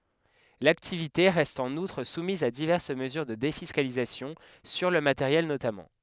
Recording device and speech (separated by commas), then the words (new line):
headset microphone, read sentence
L’activité reste en outre soumise à diverses mesures de défiscalisation, sur le matériel notamment.